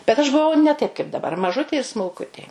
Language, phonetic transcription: Lithuanian, bet aš buˈvau ne taip kaip daˈbar maˈžutė ir smulˈkutė

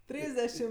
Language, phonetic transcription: Lithuanian, ˈtrysdešim

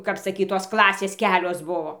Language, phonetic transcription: Lithuanian, kap saˈkyt tos ˈklasės ˈkelios ˈbuvo

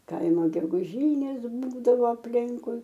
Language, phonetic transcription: Lithuanian, ˈkaimo geguˈžynės ˈbūdavo apˈlinkui

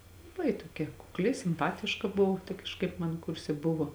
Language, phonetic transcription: Lithuanian, laˈbai toˈkia kukˈli simˈpatiška ˈbuvo tai kažˈkaip man ˈkurse ˈbuvo

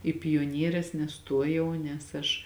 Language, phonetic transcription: Lithuanian, i pioˈnieres neˈstuojau nes ˈaš

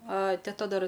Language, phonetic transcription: Lithuanian, a teˈta ˈdar

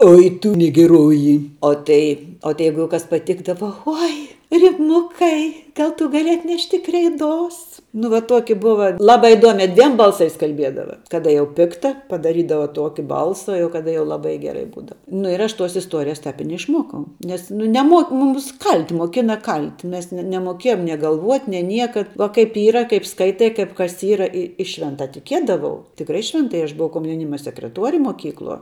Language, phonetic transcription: Lithuanian, ˈoi tu nigiˈroji o ˈtai o tai ˈjeigu jau ˈkas paˈtikdavo ˈoi riˈmukai ˈgal ˈtu gaˈli atˈnešti kreiˈdos nu va ˈtoki ˈbuva ˈlabai iˈduomi ˈdviem ˈbalˌsais kalˈbiedava ˈkada jau ˈpikta padaˈrydava ˈtuoki ˈbalsa jau kaˈda jau laˈbai geˈrai ˈbūdava ˈnu ir aš tuos isˈtuorijas ˈtap i neišˈmuokau ˈnes nu neˈmuok muˈms ˈkalt' moˈkina ˈkalt' ˈmes ne nemoˈkiejom nie galˈvuot' nie ˈnieka va kaip ˈyra kaip ˈskaitai kaip kas ˈyra i i ˈšventa tiˈkiedavau tikˈrai švenˈtai aš buˈvau komjauˈnyma sekreˈtuori moˈkykluo

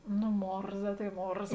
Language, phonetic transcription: Lithuanian, nu ˈmorza tai ˈmorza

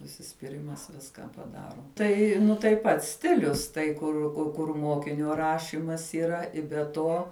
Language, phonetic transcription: Lithuanian, užsispiˈrimas ˈviska paˈdaro ˈtai nu tai ˈpats ˈstilius tai ˈkur ku kur ˈmokinio ˈrašimas yˈra i be ˈto

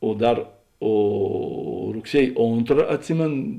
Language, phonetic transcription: Lithuanian, o ˈdar ˈo rugˈsiej ˈontra atˈsimėn

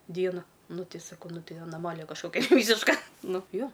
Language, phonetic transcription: Lithuanian, ˈdieno ˈnu ˈti saˈkau ˈnu ˈti anaˈmalija kažˈkokia ˈvysiška ˈnu ˈjo

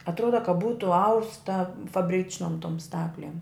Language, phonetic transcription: Lithuanian, atˈruoda ka ˈbūtu ˈausta fabˈričnom tom ˈstaklėm

